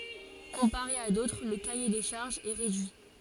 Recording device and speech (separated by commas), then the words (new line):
forehead accelerometer, read sentence
Comparé à d'autres, le cahier des charges est réduit.